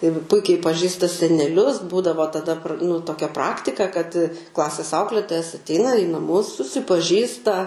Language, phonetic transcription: Lithuanian, ir ˈpuikiai paˈžįsta seneˈlius ˈbūdavo taˈda nu toˈkia ˈpraktika kad ˈklasės ˈauklėtojas atˈeina į naˈmus susipaˈžįsta

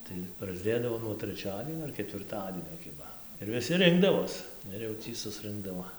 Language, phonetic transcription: Lithuanian, tai prasˈdėdavo nuo treˈčiadienio ar ketvirˈtadienio ˈkiba ir viˈsi ˈrinkdavos ˈir jau ˈtį susˈrɨnkdavo

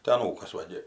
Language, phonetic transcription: Lithuanian, tai aˈnūkas ˈva gi

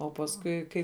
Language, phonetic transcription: Lithuanian, o pasˈkui ˈkai

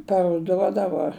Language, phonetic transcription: Lithuanian, paruˈduodavo

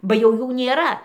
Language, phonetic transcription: Lithuanian, ba jau ˈjų nėˈra

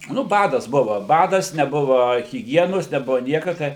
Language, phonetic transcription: Lithuanian, nu ˈbadas ˈbuva ˈbadas neˈbuva hiˈgienos neˈbuvo ˈnieka ˈtai

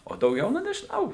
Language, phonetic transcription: Lithuanian, o dauˈgiau ˈnu nežiˈnau

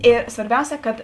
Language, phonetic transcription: Lithuanian, ˈė svarˈbiausia ˈkad

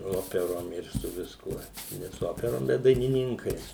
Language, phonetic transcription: Lithuanian, ˈoperom ir su visˈkuo ˈne su ˈoperom bet dainiˈninkais

